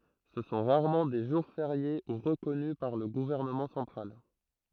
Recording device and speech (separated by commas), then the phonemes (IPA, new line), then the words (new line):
throat microphone, read sentence
sə sɔ̃ ʁaʁmɑ̃ de ʒuʁ feʁje u ʁəkɔny paʁ lə ɡuvɛʁnəmɑ̃ sɑ̃tʁal
Ce sont rarement des jours fériés ou reconnus par le gouvernement central.